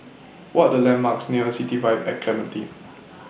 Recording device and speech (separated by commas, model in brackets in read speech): boundary microphone (BM630), read sentence